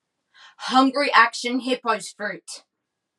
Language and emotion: English, angry